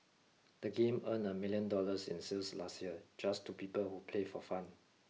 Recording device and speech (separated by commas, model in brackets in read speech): mobile phone (iPhone 6), read sentence